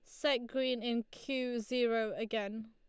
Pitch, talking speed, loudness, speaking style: 235 Hz, 145 wpm, -35 LUFS, Lombard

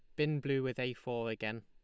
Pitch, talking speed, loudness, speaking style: 125 Hz, 250 wpm, -36 LUFS, Lombard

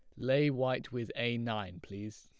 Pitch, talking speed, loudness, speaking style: 120 Hz, 180 wpm, -34 LUFS, plain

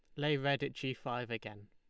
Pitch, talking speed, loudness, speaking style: 130 Hz, 240 wpm, -37 LUFS, Lombard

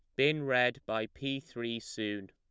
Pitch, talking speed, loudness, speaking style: 120 Hz, 170 wpm, -33 LUFS, plain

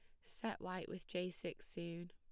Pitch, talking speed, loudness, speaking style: 175 Hz, 190 wpm, -46 LUFS, plain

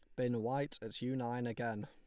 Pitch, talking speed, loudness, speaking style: 120 Hz, 215 wpm, -39 LUFS, Lombard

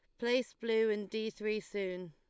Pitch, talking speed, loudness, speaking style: 215 Hz, 190 wpm, -35 LUFS, Lombard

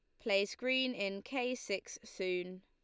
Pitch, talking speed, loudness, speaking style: 200 Hz, 150 wpm, -36 LUFS, Lombard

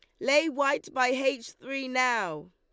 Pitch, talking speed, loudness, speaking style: 260 Hz, 160 wpm, -27 LUFS, Lombard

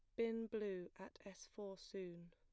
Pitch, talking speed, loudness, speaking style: 200 Hz, 170 wpm, -48 LUFS, plain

